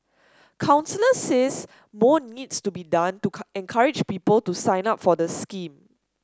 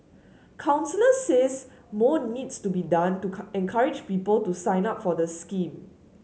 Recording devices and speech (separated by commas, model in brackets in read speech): standing microphone (AKG C214), mobile phone (Samsung S8), read sentence